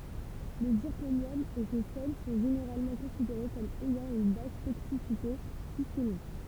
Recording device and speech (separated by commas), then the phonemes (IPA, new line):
temple vibration pickup, read sentence
lə ziʁkonjɔm e se sɛl sɔ̃ ʒeneʁalmɑ̃ kɔ̃sideʁe kɔm ɛjɑ̃ yn bas toksisite sistemik